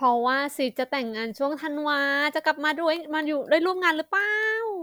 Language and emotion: Thai, happy